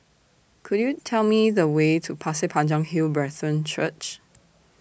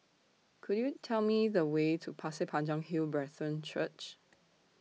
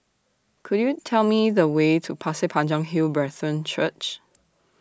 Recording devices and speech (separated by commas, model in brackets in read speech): boundary microphone (BM630), mobile phone (iPhone 6), standing microphone (AKG C214), read sentence